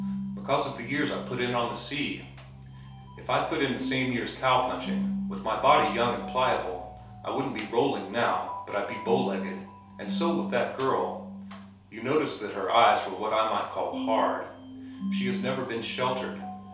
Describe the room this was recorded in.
A small space (about 3.7 m by 2.7 m).